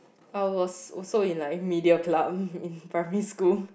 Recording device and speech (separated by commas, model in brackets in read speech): boundary microphone, conversation in the same room